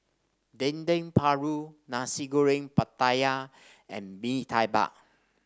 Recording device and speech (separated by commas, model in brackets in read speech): standing microphone (AKG C214), read sentence